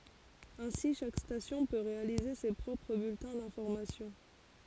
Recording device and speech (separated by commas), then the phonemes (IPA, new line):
forehead accelerometer, read sentence
ɛ̃si ʃak stasjɔ̃ pø ʁealize se pʁɔpʁ byltɛ̃ dɛ̃fɔʁmasjɔ̃